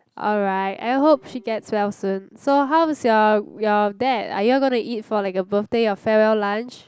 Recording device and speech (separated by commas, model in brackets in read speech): close-talking microphone, conversation in the same room